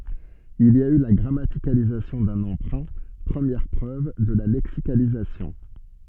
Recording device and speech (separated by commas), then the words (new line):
soft in-ear microphone, read sentence
Il y a eu là grammaticalisation d'un emprunt, première preuve de la lexicalisation.